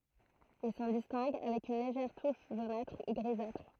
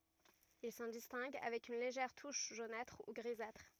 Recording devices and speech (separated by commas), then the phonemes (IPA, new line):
throat microphone, rigid in-ear microphone, read sentence
il sɑ̃ distɛ̃ɡ avɛk yn leʒɛʁ tuʃ ʒonatʁ u ɡʁizatʁ